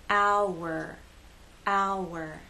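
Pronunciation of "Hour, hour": In 'hour', the two vowel sounds stay separate and are joined by a W sound that makes a smooth connection between them.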